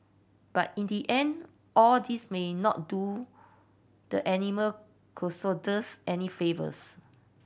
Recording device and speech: boundary microphone (BM630), read sentence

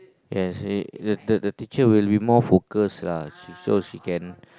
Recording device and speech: close-talking microphone, conversation in the same room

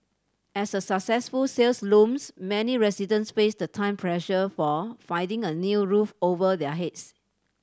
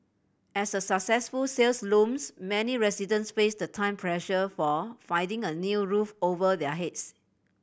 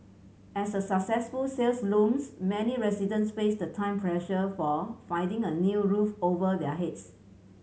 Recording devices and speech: standing microphone (AKG C214), boundary microphone (BM630), mobile phone (Samsung C7100), read sentence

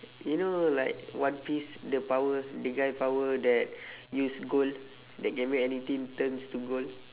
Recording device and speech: telephone, conversation in separate rooms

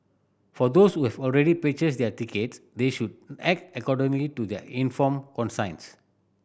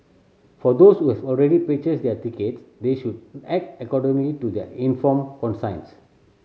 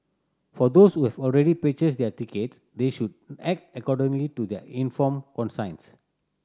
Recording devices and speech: boundary microphone (BM630), mobile phone (Samsung C7100), standing microphone (AKG C214), read sentence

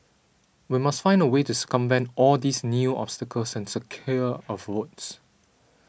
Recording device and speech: boundary microphone (BM630), read sentence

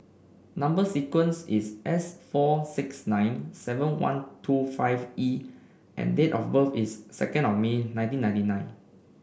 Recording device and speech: boundary microphone (BM630), read sentence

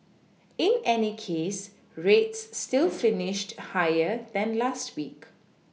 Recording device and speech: mobile phone (iPhone 6), read sentence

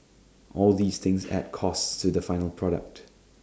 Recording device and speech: standing microphone (AKG C214), read sentence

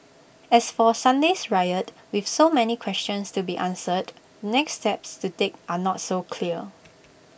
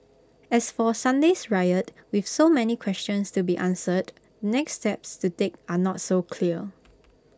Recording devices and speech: boundary microphone (BM630), close-talking microphone (WH20), read sentence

